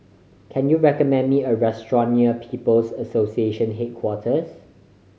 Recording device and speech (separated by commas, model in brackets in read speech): mobile phone (Samsung C5010), read sentence